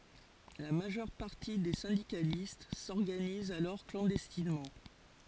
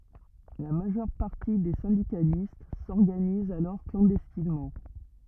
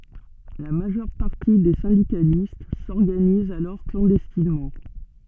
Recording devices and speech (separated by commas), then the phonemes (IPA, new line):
forehead accelerometer, rigid in-ear microphone, soft in-ear microphone, read sentence
la maʒœʁ paʁti de sɛ̃dikalist sɔʁɡanizt alɔʁ klɑ̃dɛstinmɑ̃